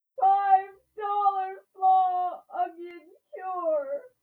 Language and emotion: English, sad